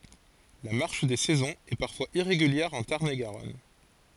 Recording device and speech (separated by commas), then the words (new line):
forehead accelerometer, read sentence
La marche des saisons est parfois irrégulière en Tarn-et-Garonne.